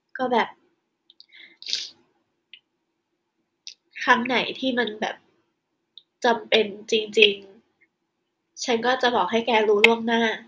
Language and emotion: Thai, sad